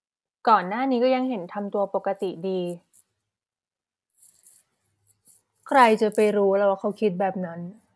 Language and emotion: Thai, frustrated